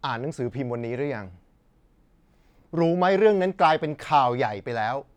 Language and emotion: Thai, angry